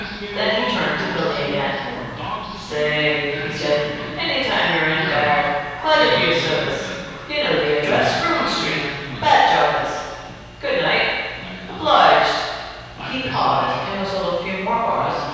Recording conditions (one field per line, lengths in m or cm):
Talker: one person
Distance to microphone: 7.1 m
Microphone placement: far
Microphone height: 1.7 m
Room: very reverberant, large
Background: television